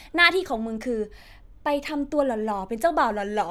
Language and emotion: Thai, happy